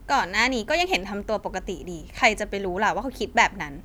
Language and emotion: Thai, frustrated